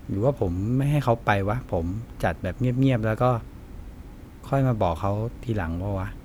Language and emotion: Thai, neutral